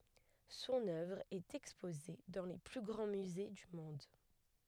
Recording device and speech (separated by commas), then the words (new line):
headset microphone, read sentence
Son œuvre est exposée dans les plus grands musées du monde.